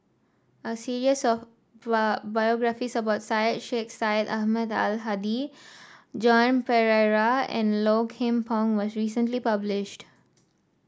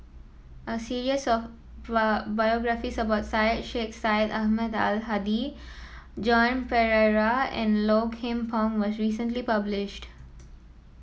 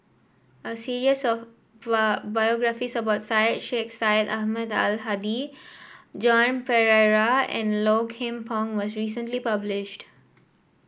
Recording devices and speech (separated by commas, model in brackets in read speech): standing microphone (AKG C214), mobile phone (iPhone 7), boundary microphone (BM630), read sentence